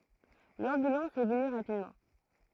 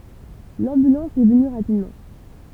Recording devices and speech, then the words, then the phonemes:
throat microphone, temple vibration pickup, read sentence
L'ambulance est venue rapidement.
lɑ̃bylɑ̃s ɛ vəny ʁapidmɑ̃

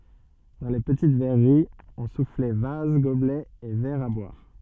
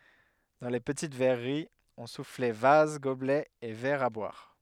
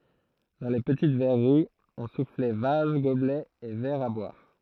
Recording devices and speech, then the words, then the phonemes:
soft in-ear microphone, headset microphone, throat microphone, read sentence
Dans les petites verreries, on soufflait vases, gobelets et verres à boire.
dɑ̃ le pətit vɛʁəʁiz ɔ̃ suflɛ vaz ɡoblɛz e vɛʁz a bwaʁ

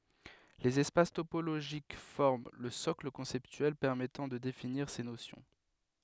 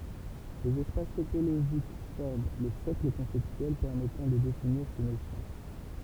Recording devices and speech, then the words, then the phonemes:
headset microphone, temple vibration pickup, read sentence
Les espaces topologiques forment le socle conceptuel permettant de définir ces notions.
lez ɛspas topoloʒik fɔʁm lə sɔkl kɔ̃sɛptyɛl pɛʁmɛtɑ̃ də definiʁ se nosjɔ̃

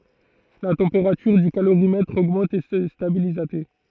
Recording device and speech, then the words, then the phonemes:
throat microphone, read sentence
La température du calorimètre augmente et se stabilise à t.
la tɑ̃peʁatyʁ dy kaloʁimɛtʁ oɡmɑ̃t e sə stabiliz a te

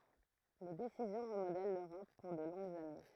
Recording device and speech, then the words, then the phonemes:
throat microphone, read sentence
Les décisions remodèlent l'Europe pour de longues années.
le desizjɔ̃ ʁəmodɛl løʁɔp puʁ də lɔ̃ɡz ane

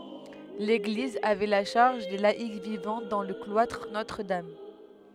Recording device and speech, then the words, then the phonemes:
headset microphone, read sentence
L'église avait la charge des laïcs vivant dans le cloître Notre-Dame.
leɡliz avɛ la ʃaʁʒ de laik vivɑ̃ dɑ̃ lə klwatʁ notʁədam

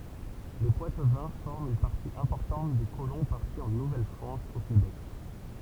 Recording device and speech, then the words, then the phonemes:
temple vibration pickup, read sentence
Les Poitevins forment une partie importante des colons partis en Nouvelle-France au Québec.
le pwatvɛ̃ fɔʁmt yn paʁti ɛ̃pɔʁtɑ̃t de kolɔ̃ paʁti ɑ̃ nuvɛlfʁɑ̃s o kebɛk

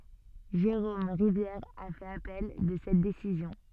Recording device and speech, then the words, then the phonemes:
soft in-ear microphone, read sentence
Jérôme Rivière a fait appel de cette décision.
ʒeʁom ʁivjɛʁ a fɛt apɛl də sɛt desizjɔ̃

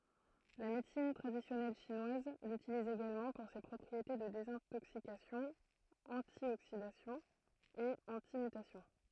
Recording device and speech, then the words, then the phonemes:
throat microphone, read sentence
La médecine traditionnelle chinoise l'utilise également pour ses propriétés de désintoxication, antioxidation et antimutation.
la medəsin tʁadisjɔnɛl ʃinwaz lytiliz eɡalmɑ̃ puʁ se pʁɔpʁiete də dezɛ̃toksikasjɔ̃ ɑ̃tjoksidasjɔ̃ e ɑ̃timytasjɔ̃

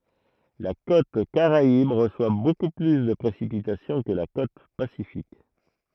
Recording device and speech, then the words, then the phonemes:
throat microphone, read sentence
La côte caraïbe reçoit beaucoup plus de précipitations que la côte pacifique.
la kot kaʁaib ʁəswa boku ply də pʁesipitasjɔ̃ kə la kot pasifik

